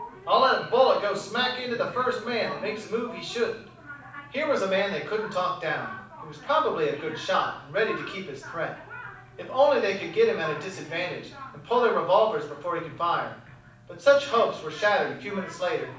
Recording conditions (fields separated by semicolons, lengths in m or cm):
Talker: one person; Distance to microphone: 5.8 m; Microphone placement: far; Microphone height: 1.8 m; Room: medium-sized (5.7 m by 4.0 m); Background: television